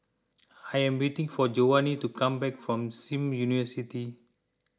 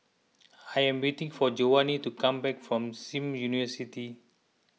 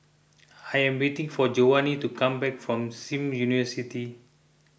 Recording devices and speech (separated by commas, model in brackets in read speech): close-talking microphone (WH20), mobile phone (iPhone 6), boundary microphone (BM630), read sentence